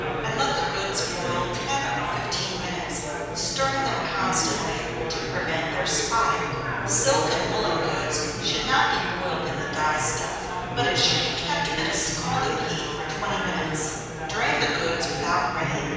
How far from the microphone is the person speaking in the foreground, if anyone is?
7.1 m.